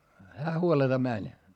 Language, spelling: Finnish, hän huoletta meni
- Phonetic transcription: hää huoleta mäń .

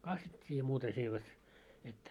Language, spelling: Finnish, kastettiin ja muuta se ei vet mitään
- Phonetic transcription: 'kastet́t́ii ja 'muuta se ei vet , mittää .

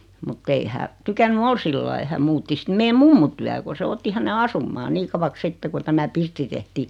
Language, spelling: Finnish, mutta ei hän tykännyt olla sillä lailla hän muutti sitten meidän mummon tykö kun se otti hänen asumaan niin kauaksi sitten kun tämä pirtti tehtiin
- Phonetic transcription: mut't ‿ei hä , 'tykänny "ol sillai 'häm muutti 'sⁱt meem 'mummu tyä ko se 'otti häne 'asummaa 'nii kavaks 'sitte ku tämä 'pirtti tehtii .

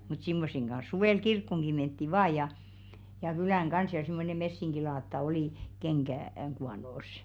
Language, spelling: Finnish, mutta semmoisen kanssa suvella kirkkoonkin mentiin vain ja ja kylään kanssa ja semmoinen messinkilaatta oli - kengän kuonossa
- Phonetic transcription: mut 'simmosseŋ ɢan̬s 'suvèl "kirkkoŋɢi mentti 'vaa ja , ja 'kylä̀ŋ "ɢans ja simmone 'messiŋɢilaatta oli , 'keŋɢä̀- , -ŋ kuanòs̀ .

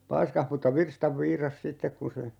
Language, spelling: Finnish, paiskasi mutta virstan viirasi sitten kun se
- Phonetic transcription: 'paiskah mutta » "virstav 'viiras » "sittek kun̬ se ,.

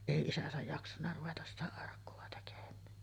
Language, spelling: Finnish, ei isänsä jaksanut ruveta sitä arkkua tekemään
- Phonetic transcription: 'èi 'isäsäj jaksanna ruvetas sitä arkku₍a tekem̆mään .

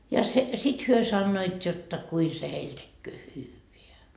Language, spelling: Finnish, ja se sitten he sanoivat jotta kuinka se heille tekee hyvää
- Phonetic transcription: ja se , 'sit 'hyö sannoit jotta 'kui se 'heil tekköö "hyyveä .

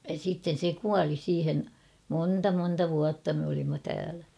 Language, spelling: Finnish, ja sitten se kuoli siihen monta monta vuotta me olimme täällä
- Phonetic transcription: ja sitten̬ se "kuali 'siihen ; "monta 'monta 'vuatta me olimma 'täälä .

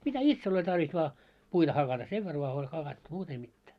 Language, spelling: Finnish, mitä itsellä oli tarve vain puita hakata sen verran vain oli hakattu muuta ei mitään
- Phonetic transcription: mitä "itsel oĺ tarvis vaa , 'puita 'hakata , "sev ver voa oĺ 'hakattu , 'muut ei mittää .

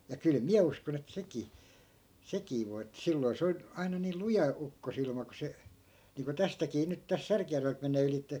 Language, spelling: Finnish, ja kyllä minä uskon että sekin sekin voi että silloin se on aina niillä luja ukkosilma kun se niin kuin tästäkin nyt tässä Särkijärveltä menee ylitse
- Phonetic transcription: ja 'kyl "miä uskon ‿et 'sekii , 'sekii voi ettᵃ̈ 'silloi̮ se on , 'aina niil "luja 'ukkosilma ku se , niiŋko 'tästäkii nyt täs "särkⁱjärvelt 'men̆nee 'ylitte .

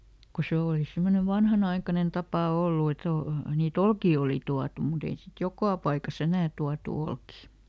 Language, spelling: Finnish, kun se oli semmoinen vanhanaikainen tapa ollut että on niitä olkia oli tuotu mutta ei sitten joka paikassa enää tuotu olkia
- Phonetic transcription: ku "se òli ˈsemmone ˈvanhanaikanen ˈtapà "ollu et ‿o , nii"t ‿olkii oli ˈtuatu muˈt ‿ei sit "jokà paikaˈs ‿enää ˈtuatu ˈolkì .

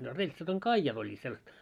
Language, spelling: Finnish, no reltsat on kaijat olleet sellaista
- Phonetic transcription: no 'reĺtsat ‿oŋ "kaijat oĺĺiit sellast .

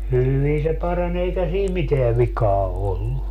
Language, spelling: Finnish, hyvin se parani eikä siinä mitään vikaa ollut
- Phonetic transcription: 'hyvi se 'parań ‿eikä sii "miteä "vikaa 'ollu .

